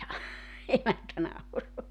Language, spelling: Finnish, emäntä nauraa
- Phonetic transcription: emäntä nauroa .

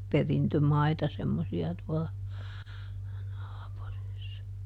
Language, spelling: Finnish, perintömaita semmoisia tuolla naapurissa
- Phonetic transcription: "perintömaita semmosi₍a tuɔla , (naapurissa) .

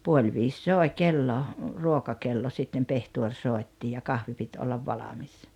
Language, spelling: Finnish, puoli viisi soi kello ruokakello sitten pehtori soitti ja kahvi piti olla valmis
- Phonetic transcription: 'puol 'viis "sòe 'kello , "ruokakello sittem 'pehtuor "sòi̬tti ja "kahvi 'pit ollav "valamis .

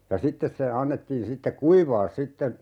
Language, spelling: Finnish, ja sitten se annettiin sitten kuivaa sitten
- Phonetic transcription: ja "sittes se , 'annettiin 'sitte "kuivaa 'sitte(n) ,.

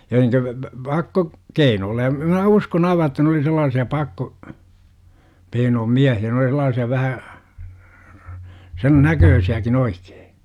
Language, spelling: Finnish, ja niin - - - - pakkokeinolla ja - minä uskon aivan että ne oli sellaisia - pakkokeinojen miehiä ne oli sellaisia vähän sen näköisiäkin oikein
- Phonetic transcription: ja ni(n) -tä p - p - 'pakko- , "-keinoolla ʲa m - minä "uskon aiva että n ‿oli sel̆laasi₍a 'pakko- , '(k)einoom "miähi₍ä n ‿oli sel̆laasi₍a 'vähä , 'sen "näköösi₍äkin 'oikEE .

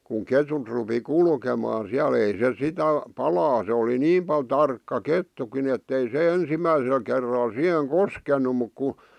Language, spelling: Finnish, kun ketut rupesi kulkemaan siellä ei se sitä palaa se oli niin paljon tarkka kettukin että ei se ensimmäisellä kerralla siihen koskenut mutta kun
- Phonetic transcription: kuŋ 'ketut rupi "kulkemaa siä'l ‿ei se "sitä , "palaa , se oli "niim pal 'tarkka "kettukin ‿ettei 'se "ensimmäisel kerral 'siʰeŋ "koskenu muk ku ,.

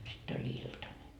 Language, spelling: Finnish, sitten oli iltanen
- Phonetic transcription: sitt ‿oĺ "iltane .

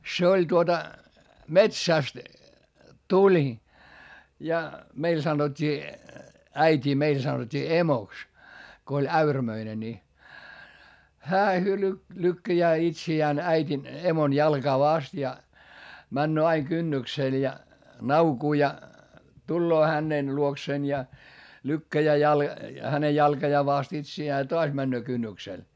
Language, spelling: Finnish, se oli tuota metsästä tuli ja meillä sanottiin äitiä meillä sanottiin emoksi kun oli äyrämöinen niin hän lykkää itseään äidin emon jalkaa vasten ja menee aina kynnykselle ja naukuu ja tulee hänen luokseen ja lykkää - hänen jalkojaan vasten itseään ja taas menee kynnykselle
- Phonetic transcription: se oĺ tuota , metsä̀st , tuĺ , ja meil sanot́t́ii , äit́ii meil sanot́t́ii emoks , ko oĺ äyrämöine ni , hää lykkäjää itsi₍ään äit́in , emon jalGaa vast ja , männöö aiŋ kynnyksèl ja , naukuu ja , tulloo hänen luokseen ja , lykkäjää jal- , häne jalkajaa vast itsi₍ää ja toas männöö kynnyksel .

